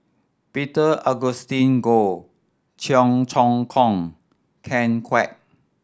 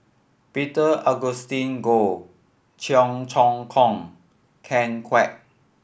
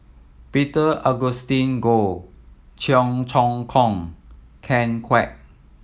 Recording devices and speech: standing microphone (AKG C214), boundary microphone (BM630), mobile phone (iPhone 7), read sentence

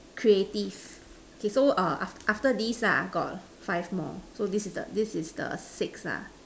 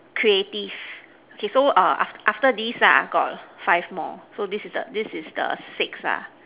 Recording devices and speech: standing microphone, telephone, conversation in separate rooms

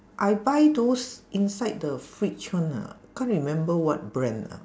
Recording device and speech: standing microphone, conversation in separate rooms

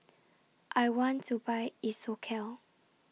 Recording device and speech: mobile phone (iPhone 6), read sentence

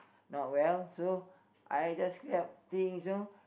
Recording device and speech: boundary microphone, conversation in the same room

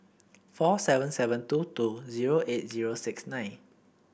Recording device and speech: boundary microphone (BM630), read sentence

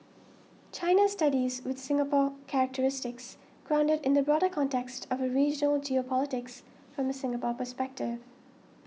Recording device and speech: mobile phone (iPhone 6), read sentence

